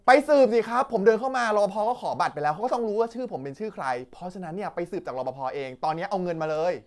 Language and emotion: Thai, angry